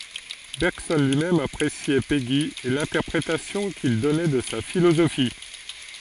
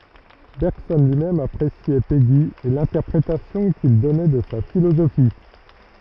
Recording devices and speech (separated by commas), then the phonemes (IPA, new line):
forehead accelerometer, rigid in-ear microphone, read sentence
bɛʁɡsɔn lyi mɛm apʁesjɛ peɡi e lɛ̃tɛʁpʁetasjɔ̃ kil dɔnɛ də sa filozofi